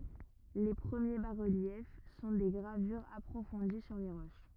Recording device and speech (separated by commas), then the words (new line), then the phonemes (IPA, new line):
rigid in-ear microphone, read sentence
Les premiers bas-reliefs sont des gravures approfondies sur les roches.
le pʁəmje basʁəljɛf sɔ̃ de ɡʁavyʁz apʁofɔ̃di syʁ le ʁoʃ